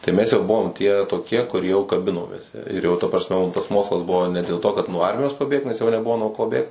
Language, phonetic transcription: Lithuanian, tai ˈmes jau ˈbuvom tie toˈkie kur jau kaˈbinomės ir jau ta prasˈme ˈmum tas ˈmokslas ˈbuvo ne dėl ˈto kad nuo ˈarmijos paˈbėgt nes jau neˈbuvo nuo ˈko ˈbėgt

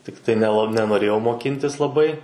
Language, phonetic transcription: Lithuanian, ˈtiktai neˈla nenoˈrėjau moˈkintis laˈbai

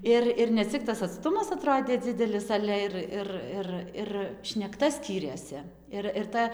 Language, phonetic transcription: Lithuanian, ˈir ir neˈcik tas atˈstumas aˈtrodė ˈdzidelis ˈale ir ˈir ˈir ir šnekˈta ˈskyrėsi ˈir ir ˈta

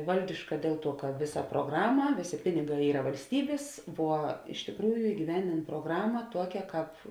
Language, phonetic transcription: Lithuanian, ˈvaldiška ˈdėl ˌtuo ka ˈviˌsa pruoˈgrama ˈvėˌsė ˈpiniˌgā ˈyra valsˈtybės vuo iš tikˈrųju igyˈvendėn proˈgrama ˈtuokia ˈkāp

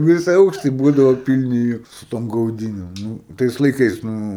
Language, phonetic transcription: Lithuanian, ˈvisi ˈaukštai ˈbūdavo ˈpilni ˈjo su ˈtom gauˈdynim ˈnū ˈtais laiˈkais ˈnū

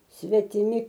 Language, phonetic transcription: Lithuanian, svetiˈmi

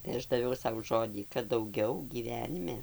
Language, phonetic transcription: Lithuanian, tai ˈaš daˈviau ˈsau ˈžodį kad dauˈgiau gyˈvenime

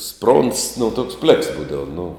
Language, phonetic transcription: Lithuanian, spronds nu toks pleks ˈbūdava nu

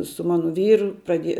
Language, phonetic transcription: Lithuanian, su ˈmanu ˈvyru praˈdieja

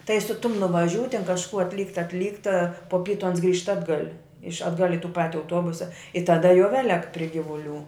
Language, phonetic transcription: Lithuanian, tai su tum nuvaˈžiū ten kažˈkų atˈlykt atˈlykt a po ˈpytu ans grįžt ˈatgal' iš atˈgal' i tų ˈpati auˈtuobusa i taˈda jau ˈvelek pri ˈgivuˌlių

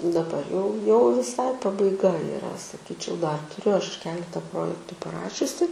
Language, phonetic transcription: Lithuanian, daˈbar jau jau viˈsai pabaiˈga iˈra saˈkyčiau dar tuˈriu ˈaš ˈkeleta ˈprojektu paˈrašiusi

